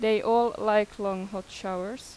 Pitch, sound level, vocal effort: 210 Hz, 88 dB SPL, normal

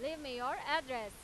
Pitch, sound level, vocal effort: 280 Hz, 100 dB SPL, loud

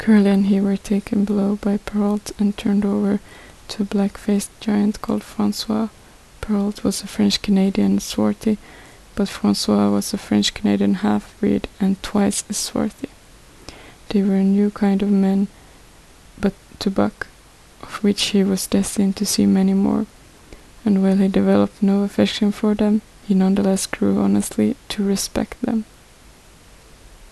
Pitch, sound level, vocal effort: 200 Hz, 71 dB SPL, soft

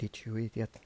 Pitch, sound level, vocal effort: 115 Hz, 78 dB SPL, soft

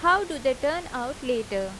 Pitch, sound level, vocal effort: 265 Hz, 90 dB SPL, loud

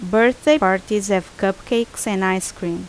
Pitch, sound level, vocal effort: 200 Hz, 82 dB SPL, loud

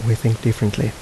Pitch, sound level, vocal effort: 115 Hz, 74 dB SPL, soft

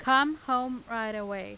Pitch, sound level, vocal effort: 250 Hz, 94 dB SPL, loud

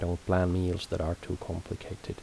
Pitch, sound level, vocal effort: 90 Hz, 74 dB SPL, soft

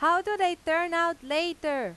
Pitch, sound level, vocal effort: 335 Hz, 97 dB SPL, very loud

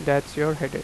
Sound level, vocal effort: 87 dB SPL, normal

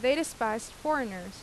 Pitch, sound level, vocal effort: 240 Hz, 88 dB SPL, loud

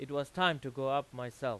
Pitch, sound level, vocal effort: 135 Hz, 95 dB SPL, very loud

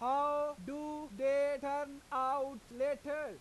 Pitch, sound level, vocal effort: 280 Hz, 101 dB SPL, very loud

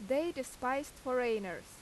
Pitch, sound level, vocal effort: 255 Hz, 88 dB SPL, very loud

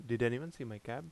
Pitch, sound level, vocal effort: 120 Hz, 82 dB SPL, normal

